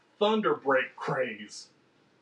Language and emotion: English, angry